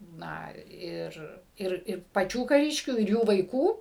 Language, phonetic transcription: Lithuanian, ˈna ir ˈir ir paˈčių kaˈriškių ir ˈjų vaiˈkų

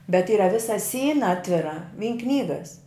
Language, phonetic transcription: Lithuanian, bet ˈyra ˈvisa ˈsyna ˈatvira vyn ˈknygas

